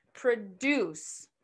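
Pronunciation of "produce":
'Produce' is said as the verb, with the stress on the second syllable.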